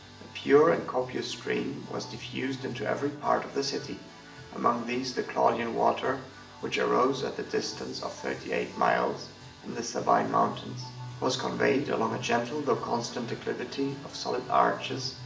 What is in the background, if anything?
Music.